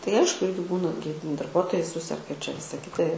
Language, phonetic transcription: Lithuanian, tai ˈaišku ˈirgi ˈbūna gi darˈbuotojai ˈsuserga ir čia ˈvisa ˈkita

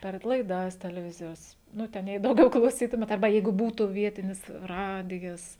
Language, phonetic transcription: Lithuanian, per laiˈdas teleˈvizijos ˈnu ˈten jei dauˈgiau klauˈsytumėt arˈba ˈjeigu ˈbūtu ˈvietinis ˈradijas

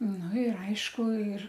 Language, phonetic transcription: Lithuanian, nu ir ˈaišku ir

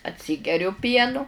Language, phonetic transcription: Lithuanian, atˈsygeriu ˈpienu

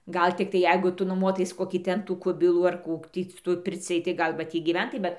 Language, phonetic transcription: Lithuanian, ˈgal tikˈtai ˈjeigu ˈtu nuˈmuotais ˈkokį ˈten tų ˈkubilų ar ˈkų ˈtį su ˈtuoj ˈpircij tai ˈgal va ˈtį gyˈventai ˈbet

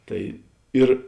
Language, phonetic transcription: Lithuanian, ˈtai ˈir

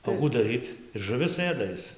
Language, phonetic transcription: Lithuanian, o ˈkų daˈryc ir žuˈvis ˈɘda ˈis

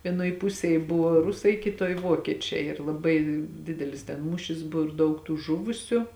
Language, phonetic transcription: Lithuanian, vieˈnoj ˈpusėj ˈbuvo ˈrusai ˈkitoj ˈvokiečiai ir laˈbai ˈdidelis ten ˈmūšis bu ir ˈdaug tų ˈžuvusiu

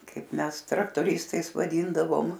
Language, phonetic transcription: Lithuanian, ˈkaip ˈmes traktoˈristais vaˈdyndavom

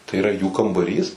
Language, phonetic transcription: Lithuanian, tai iˈra jų kambaˈrys

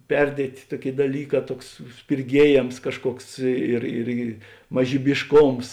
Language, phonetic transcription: Lithuanian, ˈperdietė ˈtuoˌkėi daˈlyˌkā ˈtuoks spirˈgiejėms ˈkažˌkuoks ir ˈirgi mažybišˈkoms

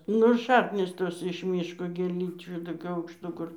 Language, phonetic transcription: Lithuanian, ˈnu ˈšaknys ˈtos iš ˈmyško gėˈlyčių toˈkių aukšˈtų ˈkur

